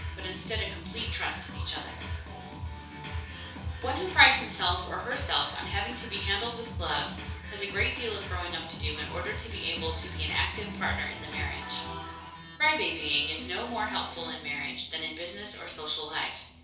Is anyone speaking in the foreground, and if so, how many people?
One person.